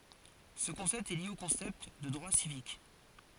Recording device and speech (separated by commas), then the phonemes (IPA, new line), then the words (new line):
forehead accelerometer, read sentence
sə kɔ̃sɛpt ɛ lje o kɔ̃sɛpt də dʁwa sivik
Ce concept est lié au concept de droits civiques.